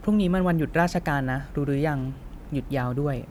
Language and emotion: Thai, neutral